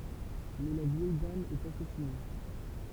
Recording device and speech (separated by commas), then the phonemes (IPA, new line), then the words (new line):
temple vibration pickup, read sentence
mɛ la vjɛj dam ɛt asasine
Mais la vieille dame est assassinée.